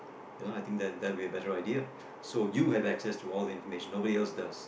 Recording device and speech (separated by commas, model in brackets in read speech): boundary microphone, conversation in the same room